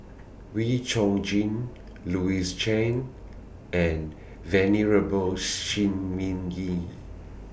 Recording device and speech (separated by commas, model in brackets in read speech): boundary microphone (BM630), read sentence